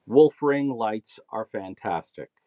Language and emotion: English, sad